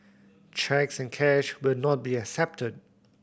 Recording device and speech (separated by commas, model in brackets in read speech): boundary microphone (BM630), read sentence